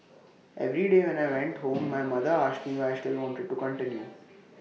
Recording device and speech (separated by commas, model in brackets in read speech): mobile phone (iPhone 6), read sentence